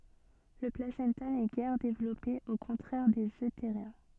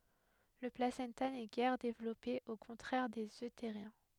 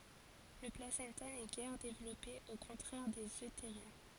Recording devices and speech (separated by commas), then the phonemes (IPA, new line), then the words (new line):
soft in-ear microphone, headset microphone, forehead accelerometer, read sentence
lə plasɑ̃ta nɛ ɡɛʁ devlɔpe o kɔ̃tʁɛʁ dez øteʁjɛ̃
Le placenta n’est guère développé, au contraire des euthériens.